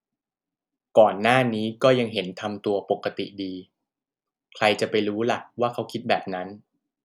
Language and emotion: Thai, neutral